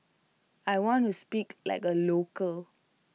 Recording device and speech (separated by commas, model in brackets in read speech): mobile phone (iPhone 6), read sentence